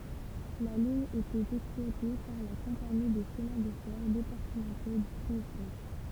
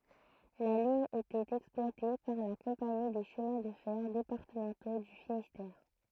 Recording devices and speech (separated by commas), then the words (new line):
temple vibration pickup, throat microphone, read sentence
La ligne était exploitée par la compagnie des Chemins de fer départementaux du Finistère.